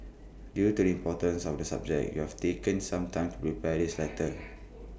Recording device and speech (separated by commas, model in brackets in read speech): boundary microphone (BM630), read sentence